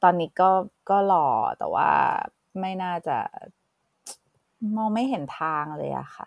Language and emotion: Thai, frustrated